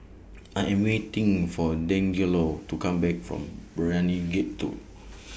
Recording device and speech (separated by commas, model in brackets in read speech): boundary microphone (BM630), read sentence